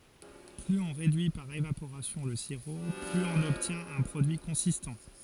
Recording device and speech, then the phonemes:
forehead accelerometer, read sentence
plyz ɔ̃ ʁedyi paʁ evapoʁasjɔ̃ lə siʁo plyz ɔ̃n ɔbtjɛ̃t œ̃ pʁodyi kɔ̃sistɑ̃

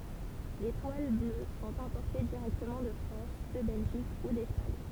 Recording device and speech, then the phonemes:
temple vibration pickup, read sentence
le twal blø sɔ̃t ɛ̃pɔʁte diʁɛktəmɑ̃ də fʁɑ̃s də bɛlʒik u dɛspaɲ

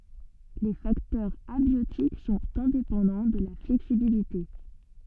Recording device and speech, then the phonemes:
soft in-ear microphone, read sentence
le faktœʁz abjotik sɔ̃t ɛ̃depɑ̃dɑ̃ də la flɛksibilite

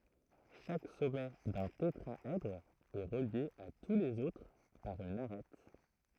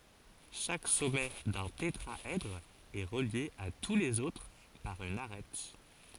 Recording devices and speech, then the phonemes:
throat microphone, forehead accelerometer, read sentence
ʃak sɔmɛ dœ̃ tetʁaɛdʁ ɛ ʁəlje a tu lez otʁ paʁ yn aʁɛt

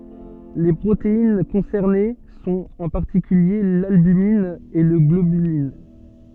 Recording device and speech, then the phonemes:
soft in-ear microphone, read sentence
le pʁotein kɔ̃sɛʁne sɔ̃t ɑ̃ paʁtikylje lalbymin e la ɡlobylin

